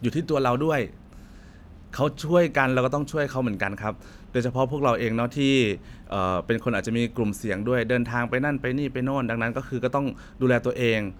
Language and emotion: Thai, neutral